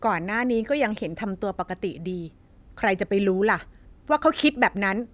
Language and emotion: Thai, angry